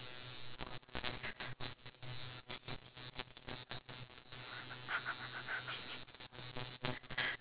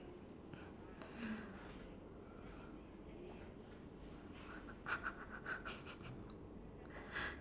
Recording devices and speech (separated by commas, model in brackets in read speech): telephone, standing microphone, conversation in separate rooms